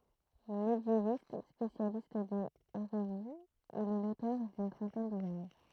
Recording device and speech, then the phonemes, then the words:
throat microphone, read sentence
medjevist spesjalist dez eʁeziz il ɛ lotœʁ dyn tʁɑ̃tɛn duvʁaʒ
Médiéviste, spécialiste des hérésies, il est l'auteur d'une trentaine d'ouvrages.

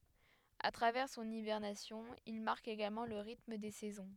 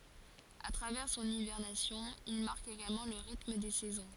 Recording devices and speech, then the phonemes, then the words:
headset microphone, forehead accelerometer, read sentence
a tʁavɛʁ sɔ̃n ibɛʁnasjɔ̃ il maʁk eɡalmɑ̃ lə ʁitm de sɛzɔ̃
A travers son hibernation, il marque également le rythme des saisons.

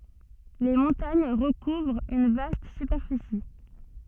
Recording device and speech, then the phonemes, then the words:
soft in-ear microphone, read sentence
le mɔ̃taɲ ʁəkuvʁt yn vast sypɛʁfisi
Les montagnes recouvrent une vaste superficie.

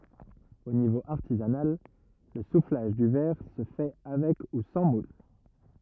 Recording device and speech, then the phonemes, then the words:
rigid in-ear microphone, read sentence
o nivo aʁtizanal lə suflaʒ dy vɛʁ sə fɛ avɛk u sɑ̃ mul
Au niveau artisanal, le soufflage du verre se fait avec ou sans moule.

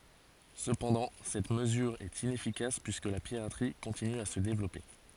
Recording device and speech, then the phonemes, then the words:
forehead accelerometer, read sentence
səpɑ̃dɑ̃ sɛt məzyʁ ɛt inɛfikas pyiskə la piʁatʁi kɔ̃tiny a sə devlɔpe
Cependant, cette mesure est inefficace puisque la piraterie continue à se développer.

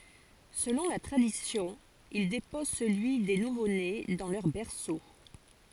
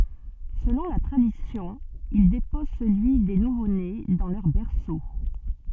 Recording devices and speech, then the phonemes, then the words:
forehead accelerometer, soft in-ear microphone, read sentence
səlɔ̃ la tʁadisjɔ̃ il depɔz səlyi de nuvone dɑ̃ lœʁ bɛʁso
Selon la tradition, il dépose celui des nouveaux-nés dans leur berceau.

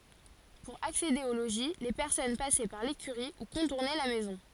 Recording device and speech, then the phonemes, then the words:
forehead accelerometer, read sentence
puʁ aksede o loʒi le pɛʁsɔn pasɛ paʁ lekyʁi u kɔ̃tuʁnɛ la mɛzɔ̃
Pour accéder au logis, les personnes passaient par l'écurie ou contournaient la maison.

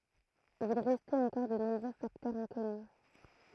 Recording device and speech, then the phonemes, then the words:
throat microphone, read sentence
il ʁɛstɛt ɑ̃kɔʁ də nɔ̃bʁø faktœʁz ɛ̃kɔny
Il restait encore de nombreux facteurs inconnus.

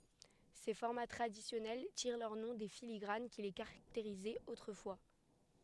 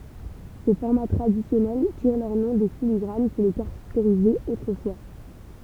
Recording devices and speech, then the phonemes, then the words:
headset microphone, temple vibration pickup, read sentence
se fɔʁma tʁadisjɔnɛl tiʁ lœʁ nɔ̃ de filiɡʁan ki le kaʁakteʁizɛt otʁəfwa
Ces formats traditionnels tirent leur nom des filigranes qui les caractérisaient autrefois.

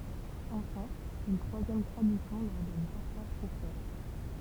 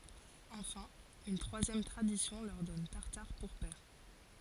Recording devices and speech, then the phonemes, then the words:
temple vibration pickup, forehead accelerometer, read sentence
ɑ̃fɛ̃ yn tʁwazjɛm tʁadisjɔ̃ lœʁ dɔn taʁtaʁ puʁ pɛʁ
Enfin, une troisième tradition leur donne Tartare pour père.

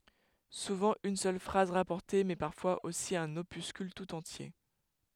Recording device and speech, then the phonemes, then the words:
headset microphone, read sentence
suvɑ̃ yn sœl fʁaz ʁapɔʁte mɛ paʁfwaz osi œ̃n opyskyl tut ɑ̃tje
Souvent une seule phrase rapportée mais parfois aussi un opuscule tout entier.

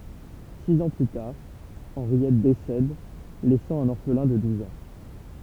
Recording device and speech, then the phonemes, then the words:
temple vibration pickup, read sentence
siz ɑ̃ ply taʁ ɑ̃ʁjɛt desɛd lɛsɑ̃ œ̃n ɔʁflɛ̃ də duz ɑ̃
Six ans plus tard, Henriette décède, laissant un orphelin de douze ans.

